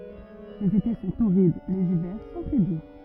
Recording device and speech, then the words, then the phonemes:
rigid in-ear microphone, read sentence
Les étés sont torrides, les hivers sont très doux.
lez ete sɔ̃ toʁid lez ivɛʁ sɔ̃ tʁɛ du

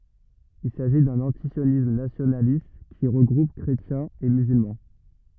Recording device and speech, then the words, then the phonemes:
rigid in-ear microphone, read sentence
Il s’agit d’un antisionisme nationaliste, qui regroupe chrétiens et musulmans.
il saʒi dœ̃n ɑ̃tisjonism nasjonalist ki ʁəɡʁup kʁetjɛ̃z e myzylmɑ̃

